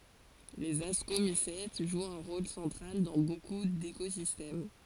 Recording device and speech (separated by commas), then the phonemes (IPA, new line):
forehead accelerometer, read sentence
lez askomisɛt ʒwt œ̃ ʁol sɑ̃tʁal dɑ̃ boku dekozistɛm